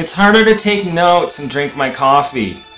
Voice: in a whiney voice